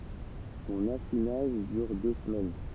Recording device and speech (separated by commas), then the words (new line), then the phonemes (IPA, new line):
temple vibration pickup, read sentence
Son affinage dure deux semaines.
sɔ̃n afinaʒ dyʁ dø səmɛn